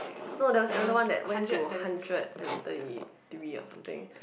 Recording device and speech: boundary microphone, conversation in the same room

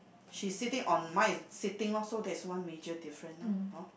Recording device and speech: boundary microphone, conversation in the same room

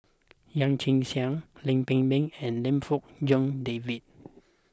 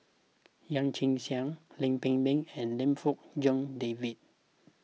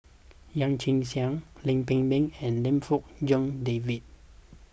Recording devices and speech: close-talking microphone (WH20), mobile phone (iPhone 6), boundary microphone (BM630), read sentence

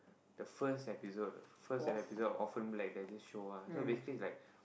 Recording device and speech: boundary microphone, conversation in the same room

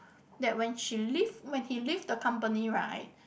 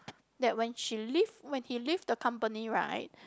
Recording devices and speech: boundary microphone, close-talking microphone, conversation in the same room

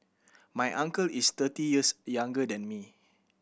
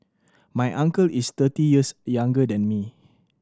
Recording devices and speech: boundary microphone (BM630), standing microphone (AKG C214), read sentence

